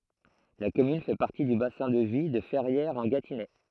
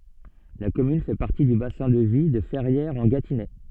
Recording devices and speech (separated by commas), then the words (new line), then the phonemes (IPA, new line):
throat microphone, soft in-ear microphone, read sentence
La commune fait partie du bassin de vie de Ferrières-en-Gâtinais.
la kɔmyn fɛ paʁti dy basɛ̃ də vi də fɛʁjɛʁzɑ̃ɡatinɛ